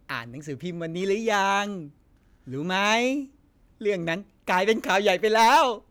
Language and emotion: Thai, happy